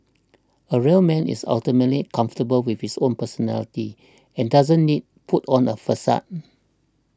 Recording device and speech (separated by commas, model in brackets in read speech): standing microphone (AKG C214), read sentence